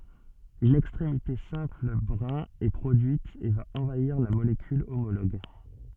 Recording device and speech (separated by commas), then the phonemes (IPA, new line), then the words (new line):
soft in-ear microphone, read sentence
yn ɛkstʁemite sɛ̃pl bʁɛ̃ ɛ pʁodyit e va ɑ̃vaiʁ la molekyl omoloɡ
Une extrémité simple brin est produite et va envahir la molécule homologue.